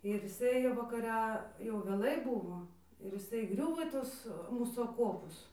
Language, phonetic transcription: Lithuanian, ir jiˈsai vakaˈre jau vėˈlai ˈbuvo ir jiˈsai įˈgriuvo į ˈtus ˈmūsų aˈkopus

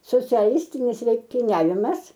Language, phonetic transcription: Lithuanian, sociaˈlistinis lenktiˈniavimas

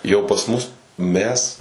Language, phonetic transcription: Lithuanian, jau pas ˈmus ˈmes

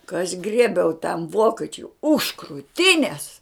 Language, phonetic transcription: Lithuanian, ka aš ˈgriebiau tam ˈvokečiui už krūˈtinės

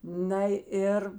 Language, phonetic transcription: Lithuanian, na ˈir

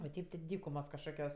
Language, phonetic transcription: Lithuanian, o ˈteip ti ˈdykumos kažˈkokios

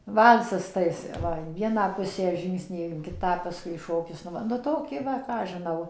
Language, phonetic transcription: Lithuanian, ˈval'sas ˌtai jis ˈva in ˈvieną ˈpusę ˈžyngsniai in ˈkitą ˈpaskui ˈšokis nu ˈva nu ˈtoki ˈva ˈką aš žiˈnau

